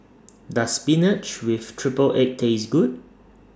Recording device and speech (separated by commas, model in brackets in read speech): standing microphone (AKG C214), read sentence